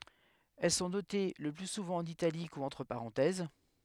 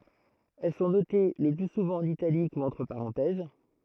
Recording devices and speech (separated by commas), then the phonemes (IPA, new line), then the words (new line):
headset microphone, throat microphone, read sentence
ɛl sɔ̃ note lə ply suvɑ̃ ɑ̃n italik u ɑ̃tʁ paʁɑ̃tɛz
Elles sont notées le plus souvent en italique ou entre parenthèses.